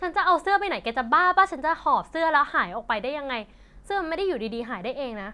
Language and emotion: Thai, frustrated